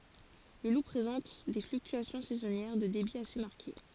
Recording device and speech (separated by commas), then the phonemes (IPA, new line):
forehead accelerometer, read sentence
lə lu pʁezɑ̃t de flyktyasjɔ̃ sɛzɔnjɛʁ də debi ase maʁke